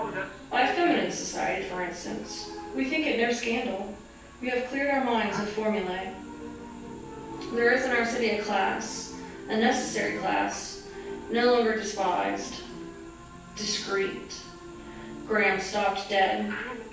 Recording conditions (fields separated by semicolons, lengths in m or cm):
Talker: one person; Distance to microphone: 9.8 m; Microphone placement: far; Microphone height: 1.8 m; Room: large; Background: television